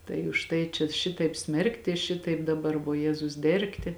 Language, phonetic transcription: Lithuanian, tai už ˈtai čia ˈšitaip ˈsmerkti ˈšitaip daˈbar voˈjezus ˈdergti

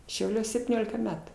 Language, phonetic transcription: Lithuanian, šiauˈliuos septyˈniolika ˈmetu

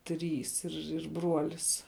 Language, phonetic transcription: Lithuanian, ˈtrys ir ir ˈbruolis

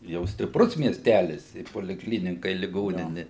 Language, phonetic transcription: Lithuanian, jau stipˈrus miesˈtælis i polikˈlynika i liˈgonini

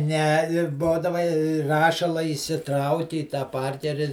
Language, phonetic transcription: Lithuanian, ne i ˈbodava i ˈrašala įsiˈtrauki į tą ˈparkeri

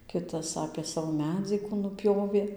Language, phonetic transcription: Lithuanian, ˈkitas apė ˈsavo ˈmedzį kų nuˈpjovė

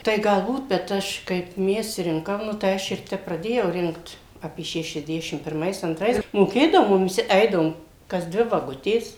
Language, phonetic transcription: Lithuanian, ˈtai galˈbūt bet ˈaš kaip ˈmes ˈrinkam ˈnu tai ˈaš ir ˈtep praˈdėjau ˈrinkt ˈapie šešiasˈdešim pirˈmais anˈtrais moˈkėdavo ˈmum viˈsi ˈeidavom kas ˈdvi vaˈgutės

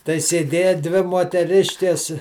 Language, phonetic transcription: Lithuanian, tai sėˈdėja ˈdvi moteˈriškes

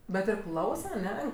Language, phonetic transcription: Lithuanian, bet ir ˈklausa aˈne

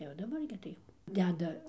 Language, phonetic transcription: Lithuanian, jau daˈbar gi ˈtai jau ˈdeda

